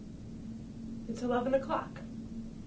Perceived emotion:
sad